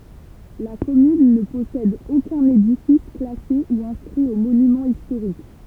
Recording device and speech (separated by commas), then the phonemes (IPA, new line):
temple vibration pickup, read sentence
la kɔmyn nə pɔsɛd okœ̃n edifis klase u ɛ̃skʁi o monymɑ̃z istoʁik